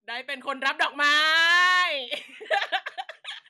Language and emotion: Thai, happy